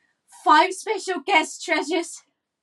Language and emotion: English, fearful